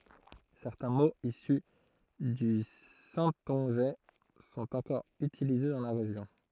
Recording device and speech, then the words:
throat microphone, read sentence
Certains mots issus du saintongeais sont encore utilisés dans la région.

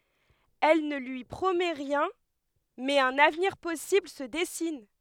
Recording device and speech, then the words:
headset microphone, read sentence
Elle ne lui promet rien, mais un avenir possible se dessine.

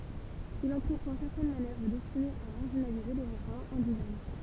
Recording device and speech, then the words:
temple vibration pickup, read sentence
Il entreprend certaines manœuvres destinées à marginaliser les mouvements indigènes.

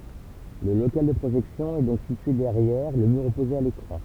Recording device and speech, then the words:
temple vibration pickup, read sentence
Le local de projection est donc situé derrière le mur opposé à l'écran.

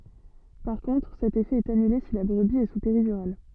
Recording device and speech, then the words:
soft in-ear microphone, read sentence
Par contre, cet effet est annulé si la brebis est sous péridurale.

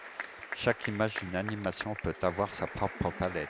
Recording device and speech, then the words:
headset microphone, read sentence
Chaque image d'une animation peut avoir sa propre palette.

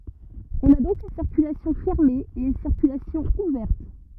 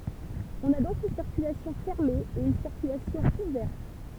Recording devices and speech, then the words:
rigid in-ear microphone, temple vibration pickup, read sentence
On a donc une circulation fermée et une circulation ouverte.

